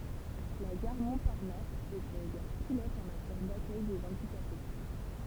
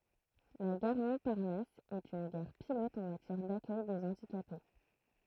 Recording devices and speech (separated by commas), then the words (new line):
temple vibration pickup, throat microphone, read sentence
La gare Montparnasse est une gare pilote en matière d’accueil des handicapés.